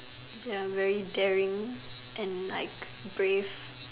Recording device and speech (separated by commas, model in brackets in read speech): telephone, conversation in separate rooms